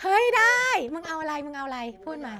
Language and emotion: Thai, happy